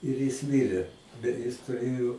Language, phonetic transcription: Lithuanian, ir jis ˈmirė bet ˈjis tuˈrėjo

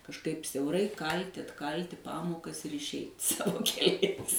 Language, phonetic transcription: Lithuanian, kažˈkaip siauˈrai ˈkalti atˈkalti ˈpamokas ir išˈeit ˈsavo keˈliais

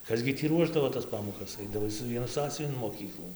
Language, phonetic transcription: Lithuanian, ˈkas gi tį ˈruošdavo tas ˈpamokas ˈaidavai su ˈvienu ˈsąsiuvin in moˈkyklų

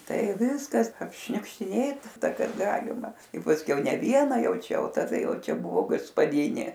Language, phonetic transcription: Lithuanian, ˈtai ˈviskas apšniukštiˈnėta ˈtas ˈkaˈgalima i pasˈkiau ne ˈviena ˈjau ˈčia ˈjau taˈda ˈjau ˈčia ˈbuvo gaspaˈdinė

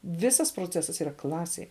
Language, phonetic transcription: Lithuanian, ˈvisas proˈcesas yˈra ˈklasėj

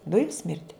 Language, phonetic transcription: Lithuanian, ˈdujum ˈsmirdi

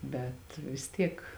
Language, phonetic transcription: Lithuanian, ˈbet vis ˈtiek

